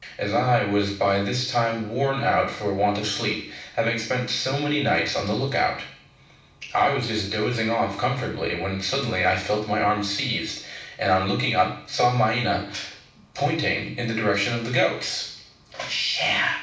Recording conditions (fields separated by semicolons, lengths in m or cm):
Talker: one person; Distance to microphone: 5.8 m; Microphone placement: far; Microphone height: 1.8 m; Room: medium-sized (5.7 m by 4.0 m); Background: none